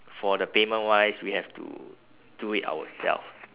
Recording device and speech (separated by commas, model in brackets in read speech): telephone, conversation in separate rooms